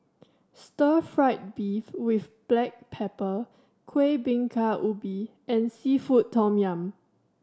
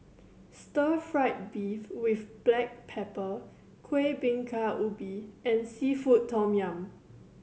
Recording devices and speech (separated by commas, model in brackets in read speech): standing microphone (AKG C214), mobile phone (Samsung C7100), read sentence